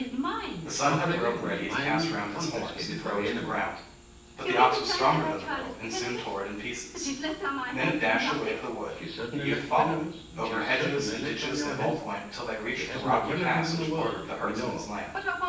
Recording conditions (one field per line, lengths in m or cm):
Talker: one person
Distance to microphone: 9.8 m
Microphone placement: far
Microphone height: 1.8 m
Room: large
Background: television